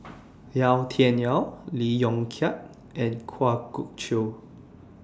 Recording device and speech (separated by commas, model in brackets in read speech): standing microphone (AKG C214), read sentence